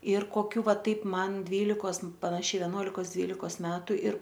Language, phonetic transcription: Lithuanian, ir koˈkių ˈva ˈtaip ˈman ˈdvylikos panaˈšiai veˈnuolikos ˈdvylikos ˈmetu ir

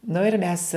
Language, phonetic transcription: Lithuanian, nu ir ˈmes

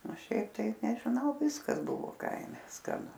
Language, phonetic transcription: Lithuanian, o ˈšiaip tai nežiˈnau ˈviskas ˈbuvo ˈkaime skaˈnu

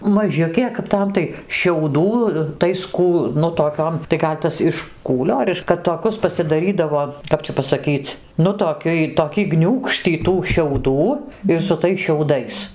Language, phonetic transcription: Lithuanian, maˈžiukė kap ˈtam tai šiauˈdų ˈtais ˈkų nu toˈkiom tai ˈgal' tas iš ˈkūlio ar ˈiš kad toˈkius pasidaˈrydavo ˈkap čia pasaˈkyc ˈnu tuoˈkiuj toˈki ˈgniūkštį tų šiauˈdų ir su ˈtais šiauˈdais

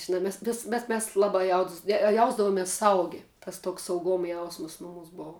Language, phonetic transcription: Lithuanian, ˈžina ˈmes vės mes ˈmes ˈlabā jaudus ˈjausdavomis ˈsaugi tas ˈtoks sauˈgom ˈjausmas ˈnumūs ˈbovu

